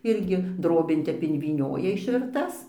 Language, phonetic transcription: Lithuanian, ˈirgi ˈdrobėn ˈtep invyˈnioja išvirˈtas

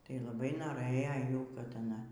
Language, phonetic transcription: Lithuanian, tai laˈbai noˈrɘjo ˈjų kad aˈna

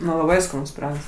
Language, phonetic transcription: Lithuanian, nu laˈbai skaˈnus pyˈragas

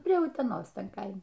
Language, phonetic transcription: Lithuanian, prie uteˈnos ˈten ˈkaime

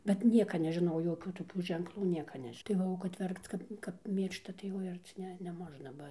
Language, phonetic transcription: Lithuanian, bet ˈnieka nežiˈnau joˈkių toˈkių ženkˈlų ˈnieka ˈnež' tai ˈva o kad ˈverkc ˈkad kap ˈmyršta tai ˈoi ˈarci ˈne neˈmožna ˈba

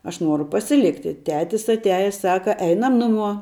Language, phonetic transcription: Lithuanian, aš ˈnuoru pasiˈlikti ˈtetis atˈiajes ˈsaka ˈeinam ˈnuˌmuo

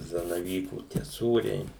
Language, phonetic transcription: Lithuanian, zanaˈvykų tie ˈsūriai

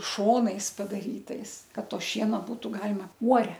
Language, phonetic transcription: Lithuanian, ˈšonais padaˈrytais ˈkad ˈto ˈšieno ˈbūtu ˈgalima ˈuore

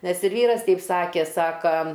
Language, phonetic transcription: Lithuanian, nes ir ˈvyras ˈteip ˈsakė ˈsaka

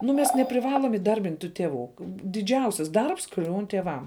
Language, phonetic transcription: Lithuanian, nu ˈmes nepriˈvalom įˈdarbint' tų teˈvų diˈdžiausis ˈdarbs ˈkliūn tieˈvam

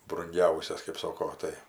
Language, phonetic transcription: Lithuanian, brunˈgiausias kɜp ˈsoko ˈtai

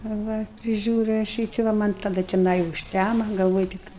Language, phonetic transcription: Lithuanian, a ˈva priˈžiūriu aš ˈjį ti ˈva ˈman' taˈda teˈnai užˈtæma galˈvoj tik

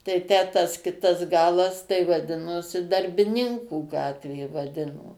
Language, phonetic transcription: Lithuanian, tai ˈtę tas ˈkitas ˈgalas tai vaˈdinosi darbiˈninkų ˈgatvė vaˈdino

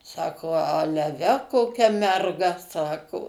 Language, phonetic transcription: Lithuanian, ˈsako ˈale ˈve koˈkia merˈga ˈsako

